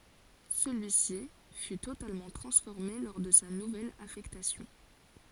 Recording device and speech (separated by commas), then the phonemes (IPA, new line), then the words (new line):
forehead accelerometer, read sentence
səlyisi fy totalmɑ̃ tʁɑ̃sfɔʁme lɔʁ də sa nuvɛl afɛktasjɔ̃
Celui-ci fut totalement transformé lors de sa nouvelle affectation.